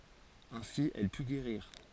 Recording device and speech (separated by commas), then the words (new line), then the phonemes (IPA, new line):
forehead accelerometer, read sentence
Ainsi, elle put guérir.
ɛ̃si ɛl py ɡeʁiʁ